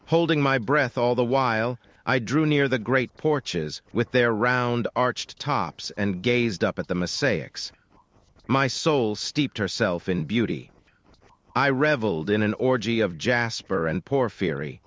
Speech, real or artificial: artificial